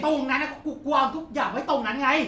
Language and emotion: Thai, angry